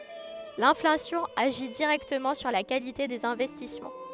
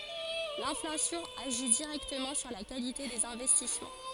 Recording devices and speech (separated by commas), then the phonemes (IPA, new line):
headset microphone, forehead accelerometer, read sentence
lɛ̃flasjɔ̃ aʒi diʁɛktəmɑ̃ syʁ la kalite dez ɛ̃vɛstismɑ̃